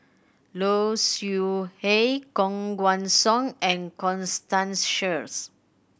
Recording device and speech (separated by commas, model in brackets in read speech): boundary microphone (BM630), read sentence